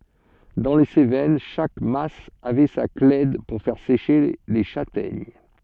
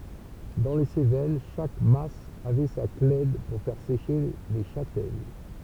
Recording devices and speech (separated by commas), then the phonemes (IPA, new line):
soft in-ear microphone, temple vibration pickup, read sentence
dɑ̃ le sevɛn ʃak mas avɛ sa klɛd puʁ fɛʁ seʃe le ʃatɛɲ